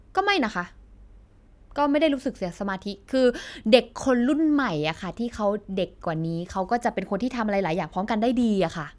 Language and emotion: Thai, frustrated